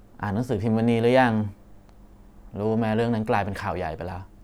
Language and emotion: Thai, neutral